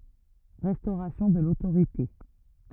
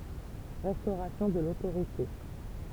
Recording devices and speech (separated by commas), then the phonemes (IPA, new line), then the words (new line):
rigid in-ear microphone, temple vibration pickup, read sentence
ʁɛstoʁasjɔ̃ də lotoʁite
Restauration de l'autorité.